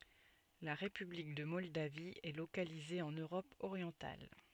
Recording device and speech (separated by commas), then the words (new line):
soft in-ear microphone, read sentence
La république de Moldavie est localisée en Europe orientale.